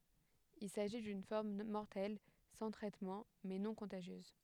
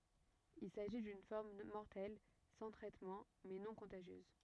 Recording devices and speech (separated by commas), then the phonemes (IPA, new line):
headset microphone, rigid in-ear microphone, read sentence
il saʒi dyn fɔʁm mɔʁtɛl sɑ̃ tʁɛtmɑ̃ mɛ nɔ̃ kɔ̃taʒjøz